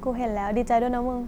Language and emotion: Thai, frustrated